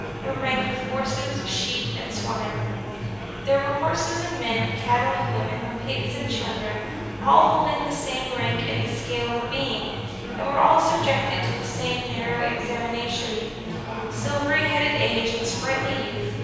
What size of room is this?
A very reverberant large room.